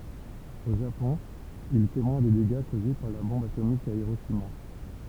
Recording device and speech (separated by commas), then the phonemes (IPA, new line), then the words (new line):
temple vibration pickup, read sentence
o ʒapɔ̃ il ɛ temwɛ̃ de deɡa koze paʁ la bɔ̃b atomik a iʁoʃima
Au Japon, il est témoin des dégâts causés par la bombe atomique à Hiroshima.